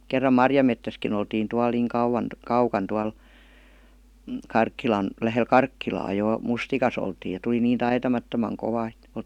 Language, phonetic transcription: Finnish, 'kerram "marjamettäski'n ‿oltiin tual niiŋ 'kauwan , "kaukan tual , m̥ "Karkkilan , 'lähel "Karkkilaa jò , "mustikas ‿oltiij ja tuˡi niin "taitamattomaŋ 'kova ᵉt .
- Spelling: kerran marjametsässäkin oltiin tuolla niin kauan kaukana tuolla mm Karkkilan lähellä Karkkilaa jo mustikassa oltiin ja tuli niin taitamattoman kova että

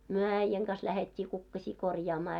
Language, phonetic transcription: Finnish, myö 'äⁱjjäŋ ɢas lähet́t́ii 'kukkaśii 'korjaamaa .
- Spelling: me äijän kanssa lähdettiin kukkasia korjaamaan

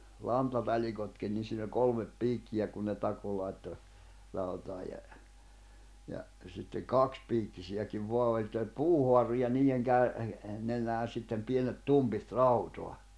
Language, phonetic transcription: Finnish, 'lanta'taĺikotkin ni siin ‿oĺ 'kolmep 'piikkijä kun ne 'tako lài̬tto , rautaa ja , ja , sitteŋ "kakspiikkisi₍äkiv 'voa oĺ että oĺ "puuhoarru ja niijeŋ 'käʳ- , nenään̬ sittem 'pienet "tumpit "rautoa .
- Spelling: lantatalikotkin niin siinä oli kolme piikkiä kun ne takoi laittoi rautaa ja ja sitten kaksipiikkisiäkin vain oli että oli puuhaaru ja niiden - nenään sitten pienet tumpit rautaa

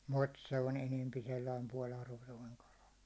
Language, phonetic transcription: Finnish, 'mut se o'n ‿enempi sellaim 'puå'l ‿arvotoiŋ kala .
- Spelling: mutta se on enempi sellainen puoli arvoton kala

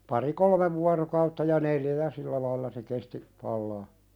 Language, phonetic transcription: Finnish, pari "kolmev vuarokautta ja "neljä ja 'sillä lailla se kesti , 'pallaa .
- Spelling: pari kolme vuorokautta ja neljä ja sillä lailla se kesti palaa

